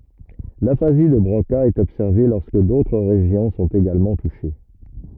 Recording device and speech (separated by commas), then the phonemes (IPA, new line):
rigid in-ear microphone, read sentence
lafazi də bʁoka ɛt ɔbsɛʁve lɔʁskə dotʁ ʁeʒjɔ̃ sɔ̃t eɡalmɑ̃ tuʃe